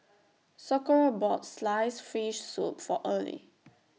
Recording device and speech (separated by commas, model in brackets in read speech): mobile phone (iPhone 6), read sentence